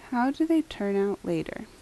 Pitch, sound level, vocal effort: 240 Hz, 77 dB SPL, soft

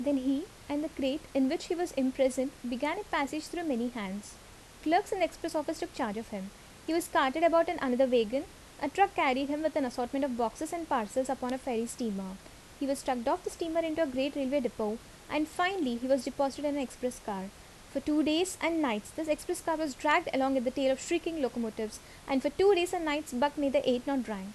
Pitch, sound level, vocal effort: 280 Hz, 79 dB SPL, normal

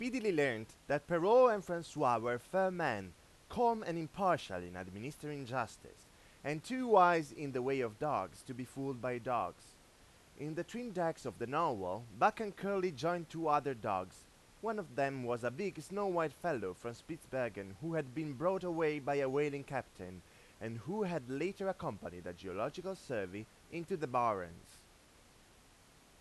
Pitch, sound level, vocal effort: 150 Hz, 95 dB SPL, loud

